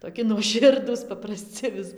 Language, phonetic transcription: Lithuanian, toˈki nuoˈširdūs papraˈsci vis

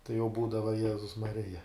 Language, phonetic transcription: Lithuanian, tai jau ˈbūdava ˈjezus maˈrija

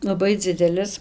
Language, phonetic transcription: Lithuanian, laˈbai ˈdzidelis

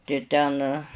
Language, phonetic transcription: Lithuanian, tai ˈten

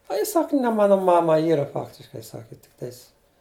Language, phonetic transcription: Lithuanian, a ˈji ˈsak ne ˈmana ˈmama ˈyra ˈfaktiškai ˈsaki tikˈtais

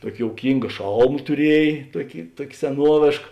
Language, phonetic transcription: Lithuanian, ˈtuoki jouˈkynga ˈšalma tuˈriej ˈtuoki ˈtuok' seˈnuovėšk

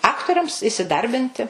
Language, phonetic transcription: Lithuanian, ˈaktoriams isiˈdarbinti

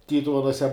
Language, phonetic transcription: Lithuanian, ˈtytuvenuose

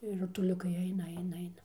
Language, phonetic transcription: Lithuanian, ir rutuˈliukai ˈaina ˈaina ˈaina

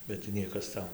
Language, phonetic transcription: Lithuanian, bet tai ˈniekas ˈtau

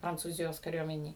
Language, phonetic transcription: Lithuanian, prancūˈzijos kaˈriuomenėj

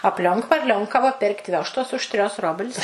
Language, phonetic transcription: Lithuanian, apˈlionk varˈlionkava ˈpėrk't' ˈvioštos už 'trios ˈrobl's'

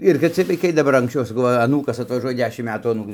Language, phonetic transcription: Lithuanian, ir kad ˈciej vaiˈkai daˈbar anksˈčiau saˈkau va aˈnūkas atvaˈžuoja ˈdešim ˈmetų aˈnūkui

